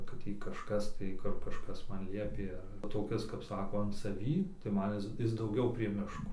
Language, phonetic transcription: Lithuanian, kad ˈtį kažˈkas tai ˈkur kažˈkas ˈman ˈliepė ar toˈkis kap ˈsako an saˈvį tai ˈman ˈis ˈis dauˈgiau prie ˈmiško

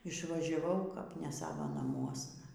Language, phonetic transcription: Lithuanian, išvažiaˈvau kap ne ˈsava naˈmuosna

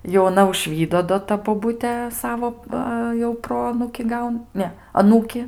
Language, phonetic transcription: Lithuanian, jau aˈna užˈvydo do ˈta boˈbutė ˈsavo ˈva jau ˈproanūki ˈgaun ˈne aˈnūki

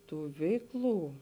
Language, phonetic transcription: Lithuanian, ˈtų ˈveikˌlų

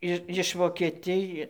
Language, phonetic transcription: Lithuanian, ˈi iš vokeˈtij

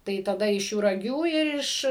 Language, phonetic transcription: Lithuanian, tai taˈda iš juraˈgių ir ˈiš

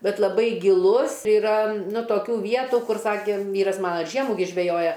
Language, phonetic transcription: Lithuanian, ˈbet laˈbai giˈlus iˈra toˈkių ˈvietų ˈkur ˈsakė ˈvyras ˈmana ir ˈžiemų gi ˈžvejoja

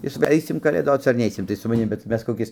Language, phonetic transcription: Lithuanian, ˈjis va ˈaisim kalėˈdoc ar ˈneisim tai su maˈnim bet ˈmes koˈkis

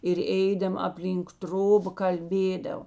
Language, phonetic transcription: Lithuanian, ir ˈeidama apˈlynk ˈtroba kalˈbėdavo

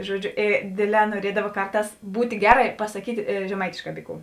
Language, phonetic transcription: Lithuanian, ˈžuoˌdžiu ė ˈdėˌdlē nuoˈriedava ˈkarˌtās ˈbūt' ˈgeˌra i pasaˈkyt' žeˈmaitėšˌkā ˈby ˌkų

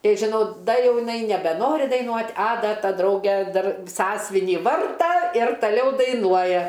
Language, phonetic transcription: Lithuanian, ˈtai žiˈnau ˈda ˈjau jiˈnai nebeˈnori daiˈnuot' a ˈda ˈta ˈdrauge ˈdar ˈsąsvinį ˈvarta ir taˈliau daiˈnuoja

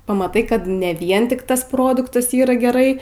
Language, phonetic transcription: Lithuanian, pamaˈtai ˈkad ne ˈvien ˈtik ˈtas ˈproduktas ˈyra geˈrai

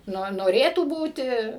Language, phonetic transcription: Lithuanian, ˈno noˈrėtų ˈbūti

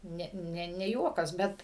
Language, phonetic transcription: Lithuanian, ˈne ˈne ne ˈjuokas ˈbet

